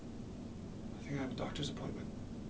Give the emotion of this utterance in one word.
sad